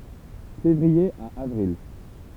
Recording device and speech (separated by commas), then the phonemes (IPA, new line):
temple vibration pickup, read sentence
fevʁie a avʁil